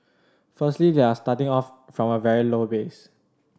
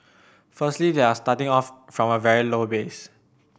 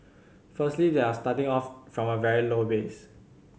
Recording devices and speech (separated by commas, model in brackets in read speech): standing microphone (AKG C214), boundary microphone (BM630), mobile phone (Samsung C7100), read sentence